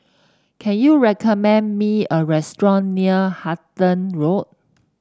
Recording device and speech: standing microphone (AKG C214), read sentence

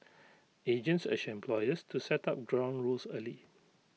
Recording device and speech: mobile phone (iPhone 6), read sentence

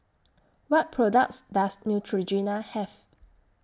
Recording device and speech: standing microphone (AKG C214), read sentence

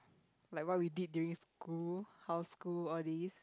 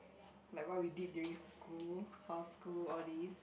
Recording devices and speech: close-talking microphone, boundary microphone, conversation in the same room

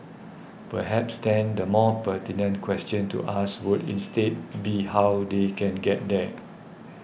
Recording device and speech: boundary microphone (BM630), read sentence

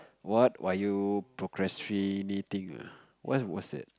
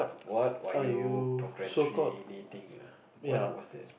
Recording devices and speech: close-talking microphone, boundary microphone, conversation in the same room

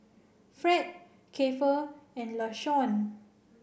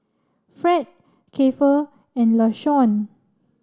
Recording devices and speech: boundary microphone (BM630), standing microphone (AKG C214), read sentence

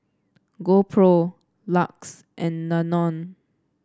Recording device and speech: standing microphone (AKG C214), read sentence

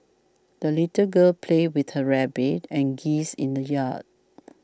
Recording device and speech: standing microphone (AKG C214), read sentence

